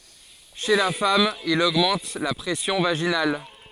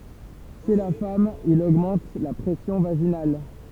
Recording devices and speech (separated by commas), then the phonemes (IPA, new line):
forehead accelerometer, temple vibration pickup, read sentence
ʃe la fam il oɡmɑ̃t la pʁɛsjɔ̃ vaʒinal